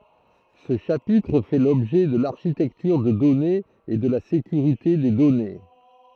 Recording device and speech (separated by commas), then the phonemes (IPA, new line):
throat microphone, read sentence
sə ʃapitʁ fɛ lɔbʒɛ də laʁʃitɛktyʁ də dɔnez e də la sekyʁite de dɔne